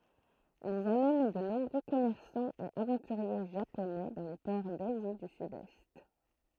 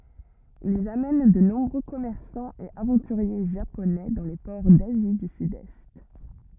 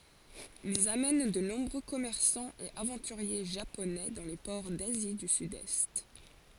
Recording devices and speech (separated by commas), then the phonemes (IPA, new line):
throat microphone, rigid in-ear microphone, forehead accelerometer, read sentence
ilz amɛn də nɔ̃bʁø kɔmɛʁsɑ̃z e avɑ̃tyʁje ʒaponɛ dɑ̃ le pɔʁ dazi dy sydɛst